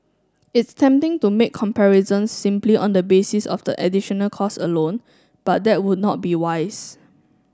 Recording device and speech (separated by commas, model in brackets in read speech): standing microphone (AKG C214), read sentence